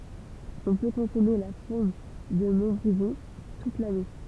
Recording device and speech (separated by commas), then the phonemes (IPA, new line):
temple vibration pickup, read sentence
ɔ̃ pø kɔ̃sɔme la fuʁm də mɔ̃tbʁizɔ̃ tut lane